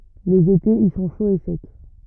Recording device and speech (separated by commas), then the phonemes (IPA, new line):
rigid in-ear microphone, read sentence
lez etez i sɔ̃ ʃoz e sɛk